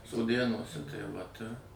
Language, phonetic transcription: Lithuanian, soˈdėnuose tai vat ir

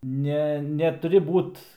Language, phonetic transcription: Lithuanian, ˈne netuˈri ˈbūt

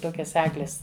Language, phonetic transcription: Lithuanian, ˈtokias ˈeglės

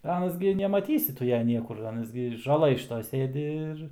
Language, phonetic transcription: Lithuanian, ˈanas gi nemaˈtysi ˈtu ˈja ˈniekur ˈanas gi žaˈlɘj šiˈtoj ˈsėdi ir

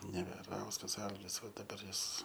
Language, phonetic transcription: Lithuanian, neveˈrauskas ˈalgis ˈva daˈbar ˈjis

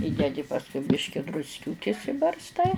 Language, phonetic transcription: Lithuanian, ˈįdedi pasˈkui ˈbiški drusˈkiūkis ibarsˈtai

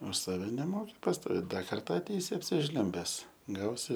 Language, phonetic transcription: Lithuanian, už ˈsave neˈmoki pastoˈvėt ˈda ˈkarta atˈeisi apsiˈžliumbes ˈgausi

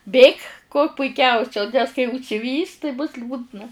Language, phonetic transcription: Lithuanian, ˈbėk kuo puiˈkiausia nes kai užsiˈvys tai bus ˈliūdna

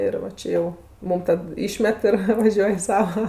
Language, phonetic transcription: Lithuanian, ir va ˈčė jau ˈmum tad ˈyšmet ir vaˈžiuoj i ˈsava

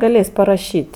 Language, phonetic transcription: Lithuanian, gaˈlės' paraˈšyt'

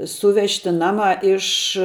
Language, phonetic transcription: Lithuanian, ˈsūvežti ˈnamā ˈiš

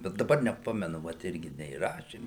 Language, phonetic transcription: Lithuanian, bet daˈbar neˈpamenu vat ˈirgi neįˈrašėm

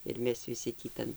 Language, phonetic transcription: Lithuanian, ir ˈmes viˈsi tį ˈtan

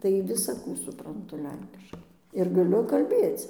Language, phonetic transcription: Lithuanian, tai visaˈkų supranˈtu ˈlenkiškai ir gaˈliu kalˈbėc

